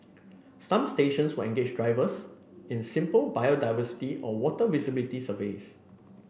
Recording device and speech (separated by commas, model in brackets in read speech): boundary microphone (BM630), read sentence